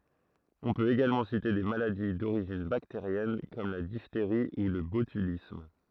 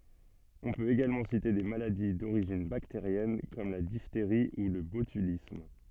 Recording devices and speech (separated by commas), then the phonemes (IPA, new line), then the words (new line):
throat microphone, soft in-ear microphone, read sentence
ɔ̃ pøt eɡalmɑ̃ site de maladi doʁiʒin bakteʁjɛn kɔm la difteʁi u lə botylism
On peut également citer des maladies d'origine bactérienne comme la diphtérie ou le botulisme.